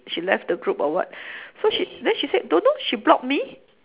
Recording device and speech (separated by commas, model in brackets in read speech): telephone, conversation in separate rooms